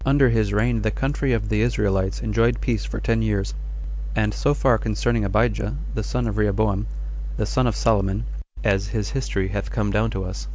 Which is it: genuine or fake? genuine